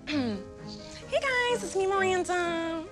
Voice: in nasal voice